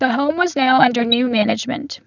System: VC, spectral filtering